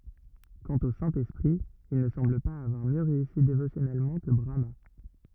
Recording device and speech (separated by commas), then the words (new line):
rigid in-ear microphone, read sentence
Quant au Saint-Esprit, il ne semble pas avoir mieux réussi dévotionnellement que Brahmâ.